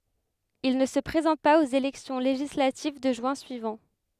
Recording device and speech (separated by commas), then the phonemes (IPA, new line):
headset microphone, read sentence
il nə sə pʁezɑ̃t paz oz elɛksjɔ̃ leʒislativ də ʒyɛ̃ syivɑ̃